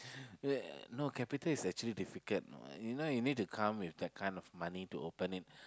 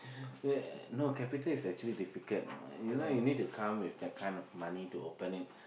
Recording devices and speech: close-talking microphone, boundary microphone, conversation in the same room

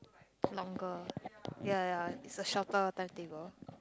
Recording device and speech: close-talking microphone, conversation in the same room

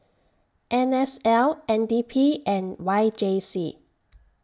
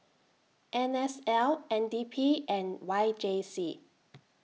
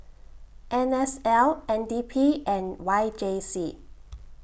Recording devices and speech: standing microphone (AKG C214), mobile phone (iPhone 6), boundary microphone (BM630), read sentence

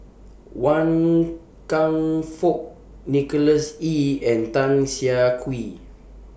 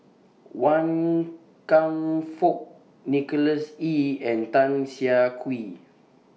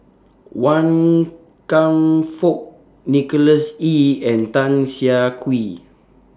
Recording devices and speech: boundary microphone (BM630), mobile phone (iPhone 6), standing microphone (AKG C214), read sentence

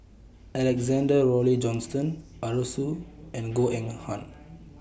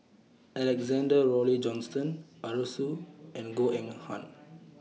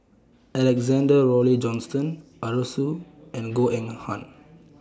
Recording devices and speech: boundary microphone (BM630), mobile phone (iPhone 6), standing microphone (AKG C214), read sentence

